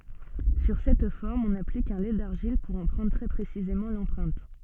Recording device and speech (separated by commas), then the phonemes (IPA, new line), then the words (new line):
soft in-ear microphone, read sentence
syʁ sɛt fɔʁm ɔ̃n aplik œ̃ lɛ daʁʒil puʁ ɑ̃ pʁɑ̃dʁ tʁɛ pʁesizemɑ̃ lɑ̃pʁɛ̃t
Sur cette forme, on applique un lait d'argile, pour en prendre très précisément l'empreinte.